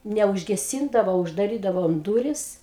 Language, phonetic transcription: Lithuanian, neužgeˈsyndavo uždaˈrydavom ˈdūris

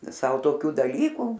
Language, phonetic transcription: Lithuanian, ˈsau toˈkių daˈlykų

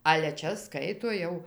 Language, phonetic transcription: Lithuanian, ale ˈčia ˈskaito ˈjau

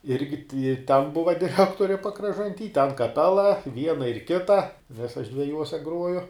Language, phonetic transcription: Lithuanian, ˈirgi ti i ten ˈbuva diˈrektori pakražanˈty ten kaˈpela ˈviena ir ˈkita nes aš dveˈjuose ˈgruoju

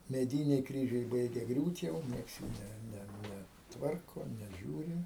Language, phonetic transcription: Lithuanian, meˈdyniai ˈkryžiai ˈbaigia ˈgriūt jau ˈnieks jų ˈne ˈne ˈne ˈtvarko neˈžiūri

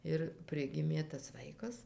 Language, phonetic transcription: Lithuanian, ir ˈprigimė tas ˈvaikas

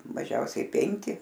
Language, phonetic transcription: Lithuanian, maˈžiausiai ˈpenki

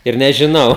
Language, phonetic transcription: Lithuanian, ir nežiˈnau

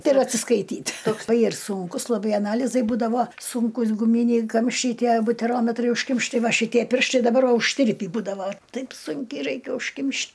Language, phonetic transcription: Lithuanian, ˈtai ir atsiskaiˈtyt' tok ai ir ˈsunkus laˈbai aˈnalizai ˈbūdavo ˈsunkus guˈmyniai ˈkamščiai ˈtie buteˈrometrai užˈkimšti ˈtai ˈva šiˈtie ˈpirštai daˈbar ˈva užˈtirpį ˈbūdava ˈtaip ˈsunkiai ˈraikia užˈkimš'

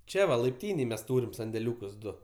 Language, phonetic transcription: Lithuanian, ˈčia va laipˈtynėj mes ˈtūrim sandeˈliūkus ˈdu

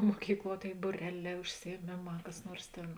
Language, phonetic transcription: Lithuanian, moˈkykˌluo ˈtėi buˈreˌlē užsijieˈmėˌmā kas ˈnuors ˈtėn

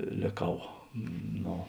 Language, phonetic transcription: Lithuanian, lėˈkau ˈno

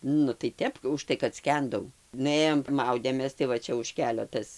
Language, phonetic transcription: Lithuanian, ˈnu tai ˈtep užˈtai kad ˈskendau nuˈėjom ˈmaudėmės tai ˈva ˈčia už ˈkelio ˈtas

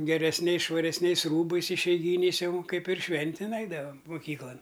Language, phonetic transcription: Lithuanian, geresˈniais švaresˈniais ˈrūbais išeiˈgyniais ˈjau ˈkaip ir ˈšventin ˈeidavam muˈkyklan

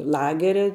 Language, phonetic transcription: Lithuanian, ˈlageria

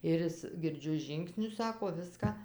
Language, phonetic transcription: Lithuanian, ir ˈis girˈdžiu ˈžyngsnius ˈsako ˈviską

